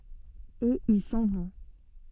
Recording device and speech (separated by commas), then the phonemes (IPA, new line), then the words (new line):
soft in-ear microphone, read sentence
e il sɑ̃ vɔ̃
Et ils s'en vont.